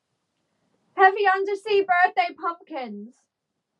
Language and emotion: English, sad